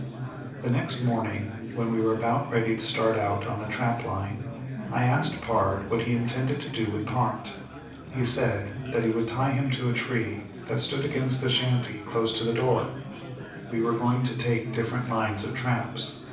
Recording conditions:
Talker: one person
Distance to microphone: 5.8 m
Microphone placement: far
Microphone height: 1.8 m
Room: medium-sized (5.7 m by 4.0 m)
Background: babble

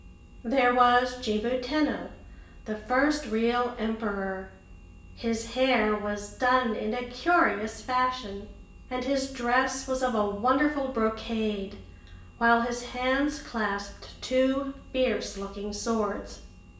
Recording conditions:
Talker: one person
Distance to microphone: 1.8 m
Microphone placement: close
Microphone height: 1.0 m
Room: large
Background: none

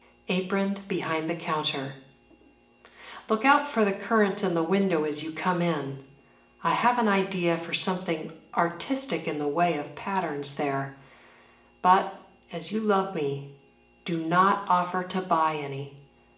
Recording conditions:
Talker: one person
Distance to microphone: 1.8 m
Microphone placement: close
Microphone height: 1.0 m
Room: large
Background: none

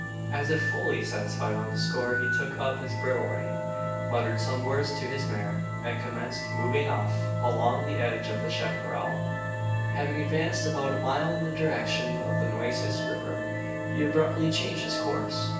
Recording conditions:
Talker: one person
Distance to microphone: 9.8 m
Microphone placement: far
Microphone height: 1.8 m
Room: large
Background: music

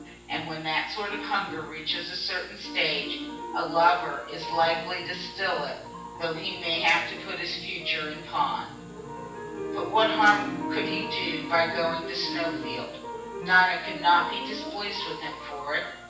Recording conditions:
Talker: one person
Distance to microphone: 9.8 m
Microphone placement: far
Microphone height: 1.8 m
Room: large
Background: music

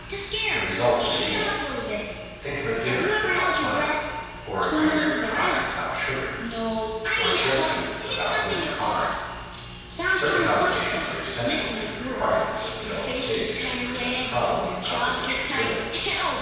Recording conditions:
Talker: one person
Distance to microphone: 7.1 m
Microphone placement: far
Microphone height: 1.7 m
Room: very reverberant, large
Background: television

